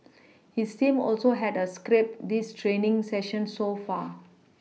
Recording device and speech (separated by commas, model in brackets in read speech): mobile phone (iPhone 6), read sentence